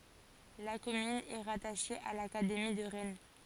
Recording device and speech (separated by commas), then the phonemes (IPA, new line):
forehead accelerometer, read sentence
la kɔmyn ɛ ʁataʃe a lakademi də ʁɛn